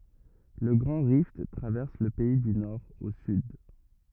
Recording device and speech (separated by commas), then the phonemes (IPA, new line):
rigid in-ear microphone, read sentence
lə ɡʁɑ̃ ʁift tʁavɛʁs lə pɛi dy nɔʁ o syd